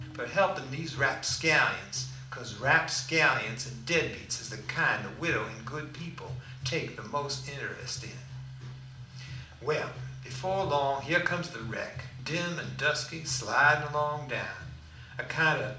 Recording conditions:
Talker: one person; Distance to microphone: 2.0 m; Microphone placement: close; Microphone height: 99 cm; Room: medium-sized (5.7 m by 4.0 m); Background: music

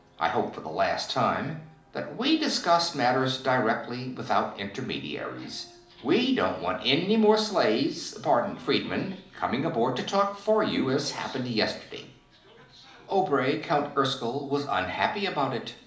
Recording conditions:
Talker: one person; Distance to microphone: 2.0 m; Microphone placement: close; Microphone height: 99 cm; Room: medium-sized (5.7 m by 4.0 m); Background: television

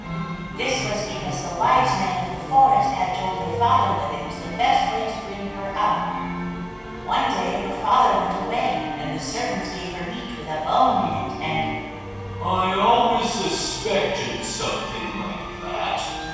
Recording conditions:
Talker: one person; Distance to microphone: 7.1 m; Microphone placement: far; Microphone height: 1.7 m; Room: very reverberant, large; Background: music

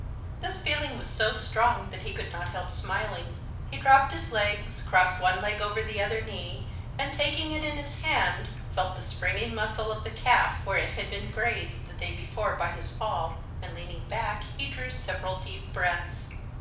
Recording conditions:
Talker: one person; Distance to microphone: 5.8 m; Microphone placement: far; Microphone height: 1.8 m; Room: medium-sized (5.7 m by 4.0 m); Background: none

